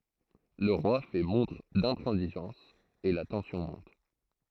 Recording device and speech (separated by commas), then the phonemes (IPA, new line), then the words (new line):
throat microphone, read sentence
lə ʁwa fɛ mɔ̃tʁ dɛ̃tʁɑ̃ziʒɑ̃s e la tɑ̃sjɔ̃ mɔ̃t
Le roi fait montre d'intransigeance et la tension monte.